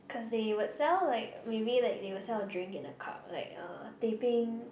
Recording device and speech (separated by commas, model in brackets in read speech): boundary microphone, conversation in the same room